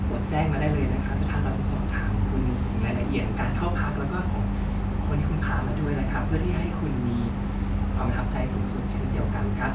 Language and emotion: Thai, neutral